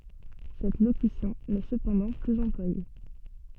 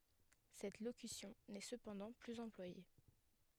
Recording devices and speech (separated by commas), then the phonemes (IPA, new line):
soft in-ear microphone, headset microphone, read sentence
sɛt lokysjɔ̃ nɛ səpɑ̃dɑ̃ plyz ɑ̃plwaje